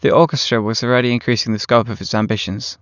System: none